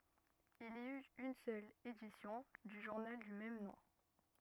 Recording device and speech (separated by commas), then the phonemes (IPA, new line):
rigid in-ear microphone, read sentence
il i yt yn sœl edisjɔ̃ dy ʒuʁnal dy mɛm nɔ̃